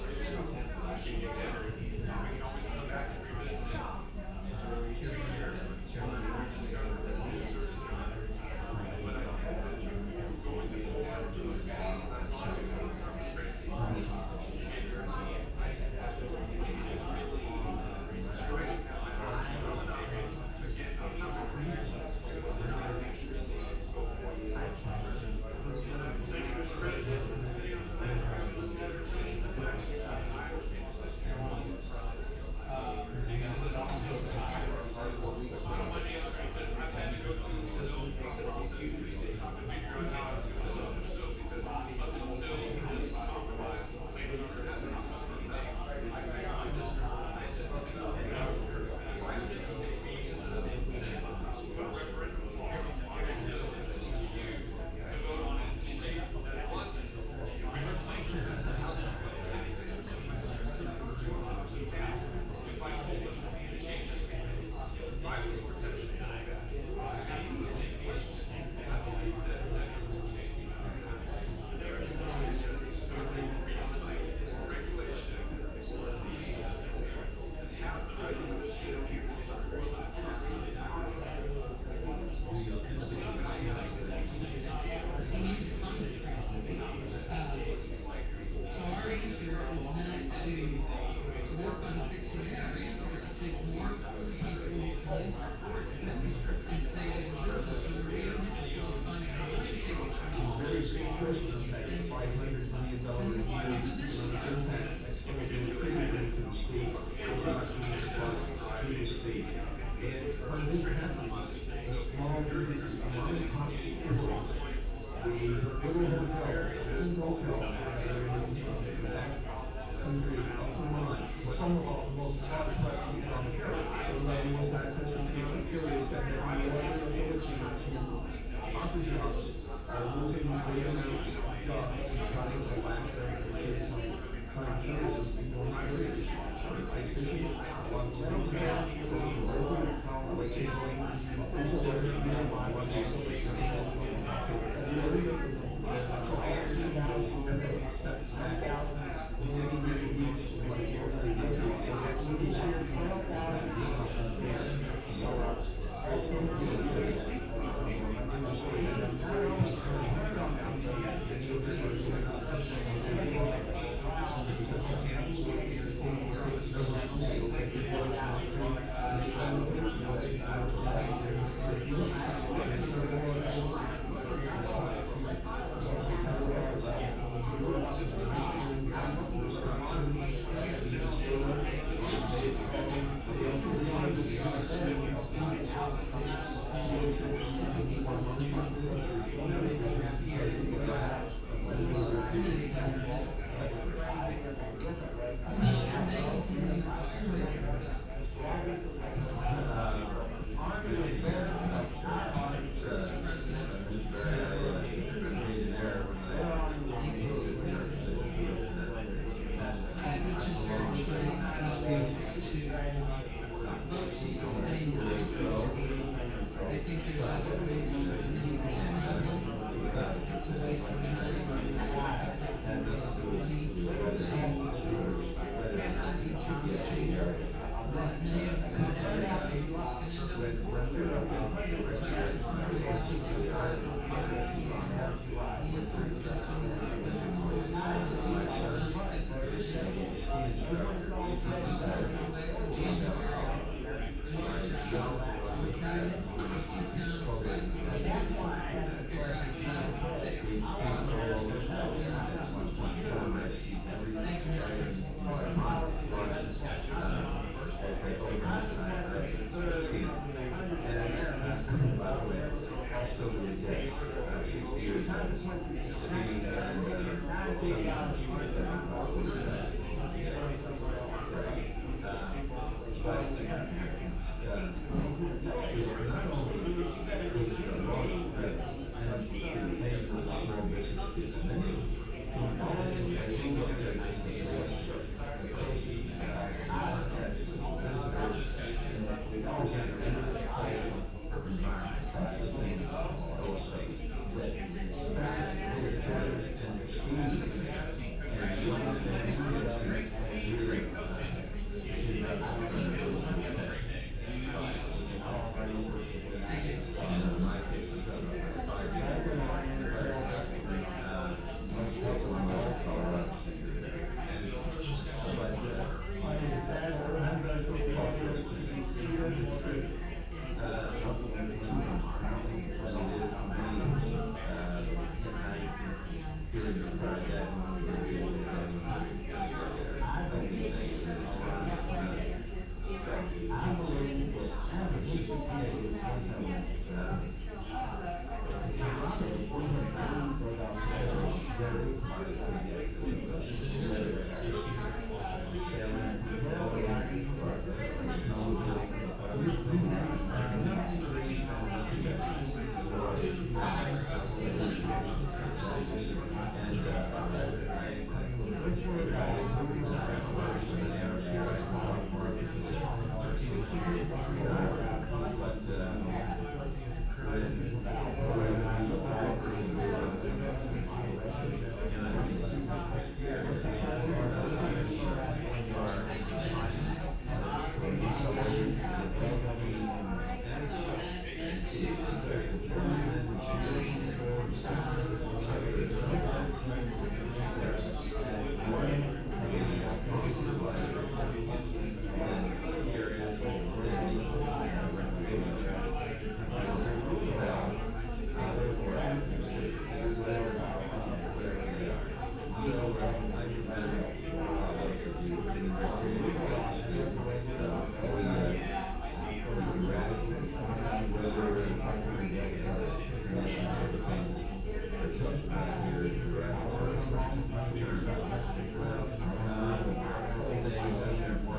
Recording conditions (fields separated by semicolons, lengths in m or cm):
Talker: no one; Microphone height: 1.0 m; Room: large; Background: babble